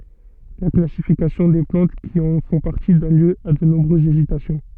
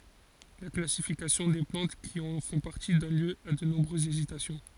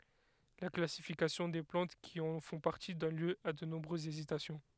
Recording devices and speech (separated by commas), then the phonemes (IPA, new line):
soft in-ear microphone, forehead accelerometer, headset microphone, read sentence
la klasifikasjɔ̃ de plɑ̃t ki ɑ̃ fɔ̃ paʁti dɔn ljø a də nɔ̃bʁøzz ezitasjɔ̃